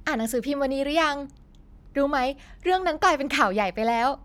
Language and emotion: Thai, neutral